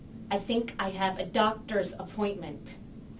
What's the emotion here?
angry